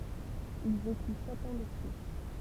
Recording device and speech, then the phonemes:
temple vibration pickup, read sentence
il veky sɛt ɑ̃ də ply

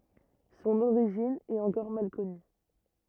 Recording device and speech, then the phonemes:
rigid in-ear microphone, read sentence
sɔ̃n oʁiʒin ɛt ɑ̃kɔʁ mal kɔny

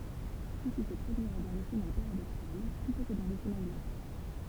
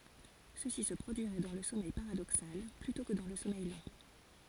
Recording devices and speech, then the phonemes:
temple vibration pickup, forehead accelerometer, read sentence
səsi sə pʁodyiʁɛ dɑ̃ lə sɔmɛj paʁadoksal plytɔ̃ kə dɑ̃ lə sɔmɛj lɑ̃

